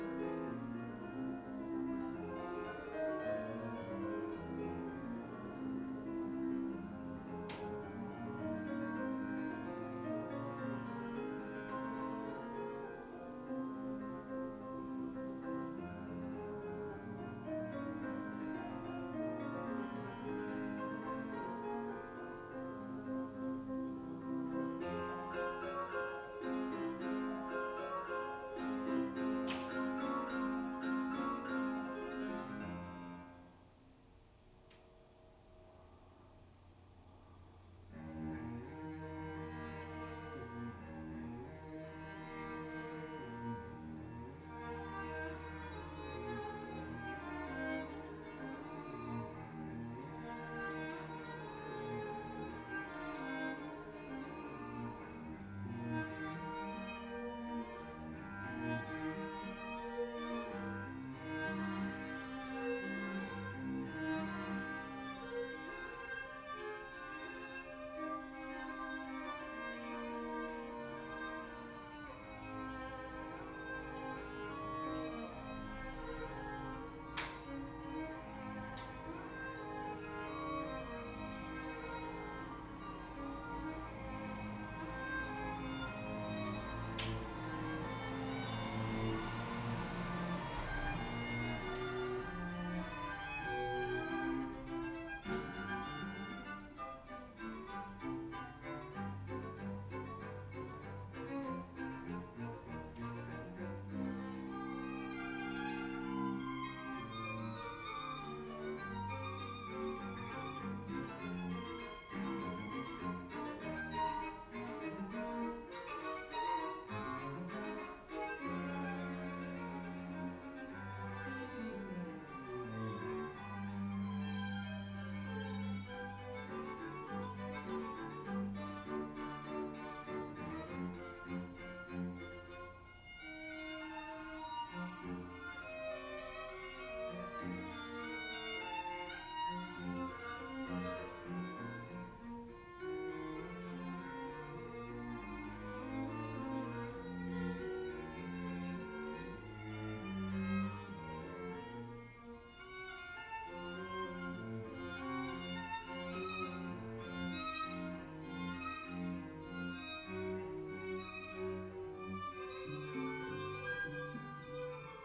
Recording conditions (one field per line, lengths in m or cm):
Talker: no one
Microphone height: 1.8 m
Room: small (3.7 m by 2.7 m)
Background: music